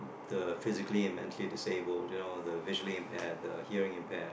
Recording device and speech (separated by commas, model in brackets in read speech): boundary microphone, conversation in the same room